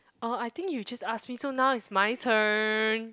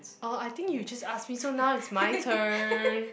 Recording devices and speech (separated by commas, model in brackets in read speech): close-talking microphone, boundary microphone, conversation in the same room